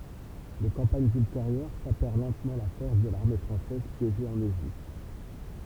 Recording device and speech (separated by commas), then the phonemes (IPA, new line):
temple vibration pickup, read sentence
le kɑ̃paɲz ylteʁjœʁ sapɛʁ lɑ̃tmɑ̃ la fɔʁs də laʁme fʁɑ̃sɛz pjeʒe ɑ̃n eʒipt